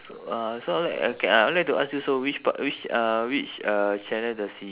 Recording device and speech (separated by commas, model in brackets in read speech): telephone, conversation in separate rooms